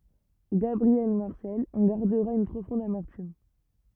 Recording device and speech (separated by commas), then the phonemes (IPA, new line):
rigid in-ear microphone, read sentence
ɡabʁiɛl maʁsɛl ɑ̃ ɡaʁdəʁa yn pʁofɔ̃d amɛʁtym